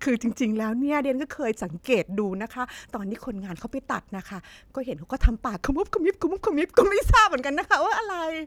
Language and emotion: Thai, happy